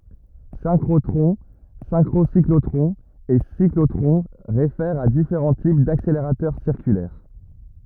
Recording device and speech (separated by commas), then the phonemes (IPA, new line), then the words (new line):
rigid in-ear microphone, read sentence
sɛ̃kʁotʁɔ̃ sɛ̃kʁosiklotʁɔ̃z e siklotʁɔ̃ ʁefɛʁt a difeʁɑ̃ tip dakseleʁatœʁ siʁkylɛʁ
Synchrotrons, synchrocyclotrons et cyclotrons réfèrent à différents types d'accélérateurs circulaires.